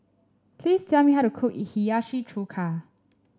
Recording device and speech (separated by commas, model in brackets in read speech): standing microphone (AKG C214), read sentence